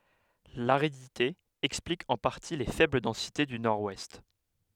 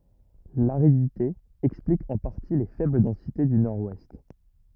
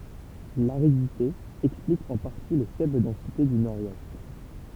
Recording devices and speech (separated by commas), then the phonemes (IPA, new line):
headset microphone, rigid in-ear microphone, temple vibration pickup, read sentence
laʁidite ɛksplik ɑ̃ paʁti le fɛbl dɑ̃site dy nɔʁwɛst